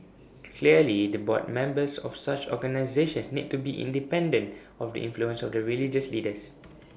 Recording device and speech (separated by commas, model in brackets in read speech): boundary microphone (BM630), read sentence